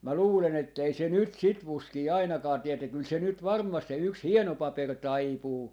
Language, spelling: Finnish, minä luulen että ei se nyt sitä fuskia ainakaan tee että kyllä se nyt varmasti se yksi hieno paperi taipuu
- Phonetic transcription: 'mä 'luulen ‿ettei se 'nyt "sit 'vuskii 'ainakaa 'tie että 'kyl 'se nyt 'varmmast se yks "hieno 'paper "taipuu .

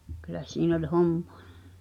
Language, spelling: Finnish, kyllä siinä oli hommaa
- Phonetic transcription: kyl̆lä 'siin ‿oĺ "homᴍᴏᴀ .

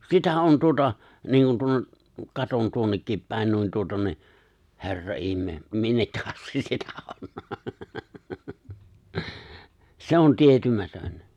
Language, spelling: Finnish, sitä on tuota niin kuin tuonne katson tuonnekin päin niin tuota niin herra ihme minne asti sitä on se on tietymätön
- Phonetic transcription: 'sitä '’on 'tuota , niiŋkun 'tuon(ne) , 'katon 'tuonnekkim pä̀en nuin 'tuota ni , 'he̬rra '’ihme , 'minnekkä astis sitä 'on , 'se on 'tietymätön .

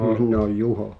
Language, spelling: Finnish, minä olen Juho
- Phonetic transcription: 'minn ‿ooj "Juho ,

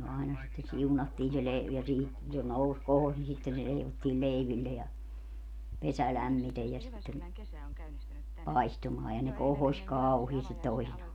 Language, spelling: Finnish, aina sitten siunattiin se - ja - se nousi kohosi niin sitten se leivottiin leiville ja pesä lämmiten ja sitten paistumaan ja ne kohosi kauheasti toisinaan
- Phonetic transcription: 'aina sitte 'siunattiin se le- , ja siihi- , se 'nous 'kohos ni sitten se 'leivottiil 'leiville ja , 'pesä 'lämmitej ja sitten , 'paistumaa ja ne 'kohoś "kauhiistit 'toisinaa .

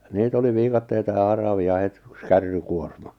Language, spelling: Finnish, niitä oli viikatteita ja haravia heti yksi kärrykuorma
- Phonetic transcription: 'niit ‿oli 'viikatteita ja 'haravi₍a 'het ʸks 'kärrykuorma .

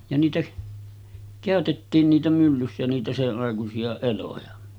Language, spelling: Finnish, ja niitä käytettiin niitä myllyssä niitä senaikaisia eloja
- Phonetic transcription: ja niitä , 'kä̀ötettiin niitä myllyssä niitä 'seˀˀàekusi₍a 'eloja .

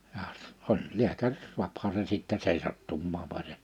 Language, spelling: Finnish, ja oli lääkäri saahan sen sitten seisahtumaan vaan se
- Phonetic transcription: jah , 'oĺ 'liäkär , 'suaphaa sen sittɛ 'seisattummaam (vań se) .

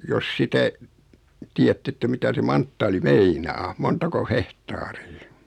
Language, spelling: Finnish, jos sitä tiedätte että mitä se manttaali meinaa montako hehtaaria
- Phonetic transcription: jos 'sitä , 'tii₍ätt ‿että 'mitä se 'manttaali "meinaa 'montako "hehtaarii .

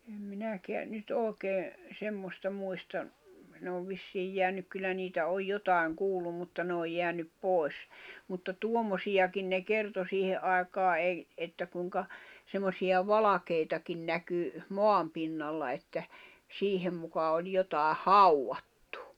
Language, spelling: Finnish, en minäkään nyt oikein semmoista muista ne on vissiin jäänyt kyllä niitä on jotakin kuullut mutta ne on jäänyt pois mutta tuommoisiakin ne kertoi siihen aikaa ei että kuinka semmoisia valkeitakin näkyi maan pinnalla että siihen muka oli jotakin haudattu
- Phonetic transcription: em 'minäkeä , nyt 'òi̬kee , 'semmosta muista , ne ov 'vissiij jeänyk kyllä 'niitä oj 'jotài̬ŋ 'kuullum mutta ne oj 'jeänyp 'pòi̬s , mutta "tuommosijakin ne "kerto 'siihe’ ’ai̬kaa ’ei , 'että kuⁱŋka , semmosija "valakeitakin 'näky , "moam pinnalla että , 'siihem muka oĺ 'jotài "hauʷattᴜ .

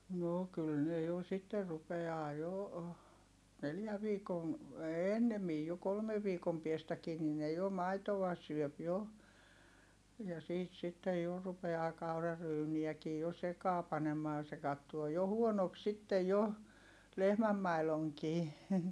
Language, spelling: Finnish, no kyllä ne jo sitten rupeaa jo neljän viikon ennemmin jo kolmen viikon päästäkin niin ne jo maitoa syö jo ja siitä sitten jo rupeaa kauraryyniäkin jo sekaan panemaan se katsoo jo huonoksi sitten jo lehmänmaidonkin
- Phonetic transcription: no kyl ne jo sitter rupe₍aa jo , neljä viikon̬ , ennemij jo kolmev viikom piestäkii nin ne jo maitova syöp jo , ja siit sittej jo , rupe₍aa kauraryyniäkii jo sekaa panemaa se kattuo jo huonok sittej jo , lehmämmailoŋkii .

